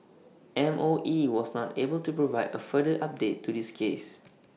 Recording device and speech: mobile phone (iPhone 6), read sentence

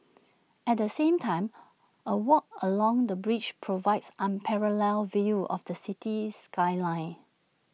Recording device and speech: mobile phone (iPhone 6), read sentence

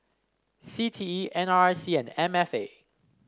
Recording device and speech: standing microphone (AKG C214), read sentence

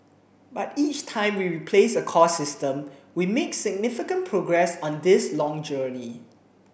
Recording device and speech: boundary microphone (BM630), read sentence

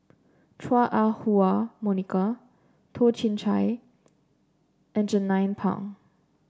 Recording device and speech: standing microphone (AKG C214), read sentence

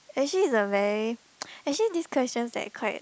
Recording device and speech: close-talking microphone, conversation in the same room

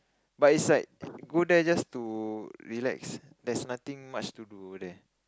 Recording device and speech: close-talking microphone, conversation in the same room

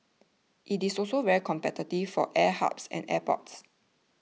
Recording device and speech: mobile phone (iPhone 6), read sentence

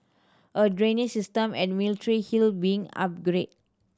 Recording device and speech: standing microphone (AKG C214), read sentence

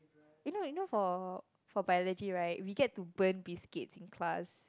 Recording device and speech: close-talking microphone, conversation in the same room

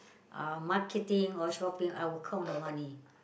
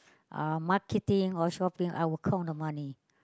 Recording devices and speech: boundary microphone, close-talking microphone, conversation in the same room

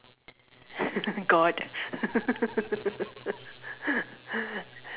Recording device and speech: telephone, conversation in separate rooms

